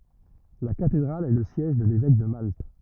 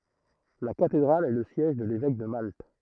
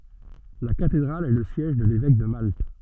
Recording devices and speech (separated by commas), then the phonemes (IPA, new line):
rigid in-ear microphone, throat microphone, soft in-ear microphone, read sentence
la katedʁal ɛ lə sjɛʒ də levɛk də malt